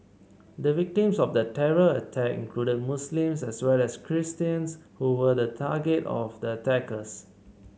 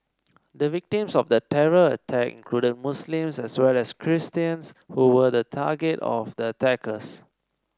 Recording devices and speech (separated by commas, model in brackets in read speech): mobile phone (Samsung C7), standing microphone (AKG C214), read sentence